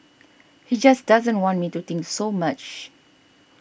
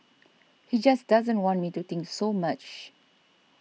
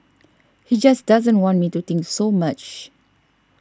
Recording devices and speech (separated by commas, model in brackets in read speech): boundary microphone (BM630), mobile phone (iPhone 6), standing microphone (AKG C214), read sentence